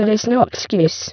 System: VC, spectral filtering